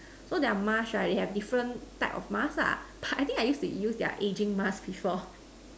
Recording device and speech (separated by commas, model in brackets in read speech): standing microphone, conversation in separate rooms